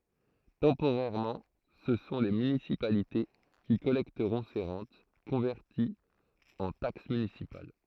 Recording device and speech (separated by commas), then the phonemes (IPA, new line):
throat microphone, read sentence
tɑ̃poʁɛʁmɑ̃ sə sɔ̃ le mynisipalite ki kɔlɛktəʁɔ̃ se ʁɑ̃t kɔ̃vɛʁtiz ɑ̃ taks mynisipal